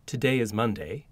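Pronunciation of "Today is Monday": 'Today is Monday' is said with the melody of a statement, not a question.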